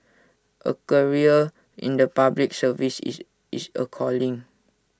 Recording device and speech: standing microphone (AKG C214), read sentence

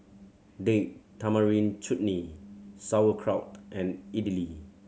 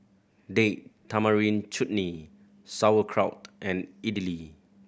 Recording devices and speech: mobile phone (Samsung C7100), boundary microphone (BM630), read sentence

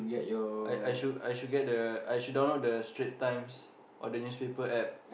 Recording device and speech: boundary microphone, conversation in the same room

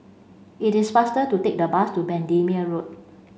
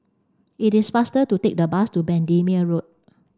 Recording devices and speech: mobile phone (Samsung C5), standing microphone (AKG C214), read sentence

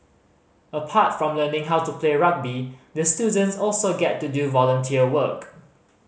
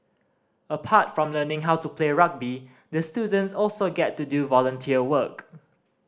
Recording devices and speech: mobile phone (Samsung C5010), standing microphone (AKG C214), read sentence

